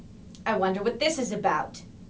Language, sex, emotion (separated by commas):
English, female, disgusted